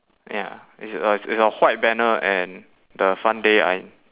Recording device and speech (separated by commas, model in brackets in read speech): telephone, conversation in separate rooms